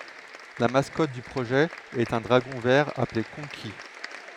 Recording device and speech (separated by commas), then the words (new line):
headset microphone, read sentence
La mascotte du projet est un dragon vert appelé Konqi.